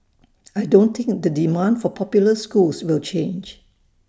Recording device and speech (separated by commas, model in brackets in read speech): standing microphone (AKG C214), read sentence